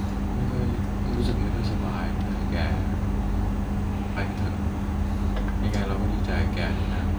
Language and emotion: Thai, frustrated